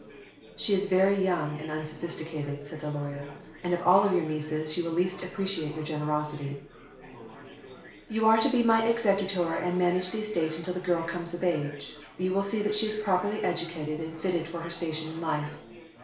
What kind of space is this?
A compact room.